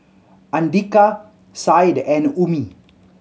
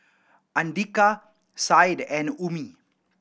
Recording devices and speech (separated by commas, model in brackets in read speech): mobile phone (Samsung C7100), boundary microphone (BM630), read sentence